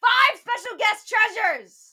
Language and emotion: English, angry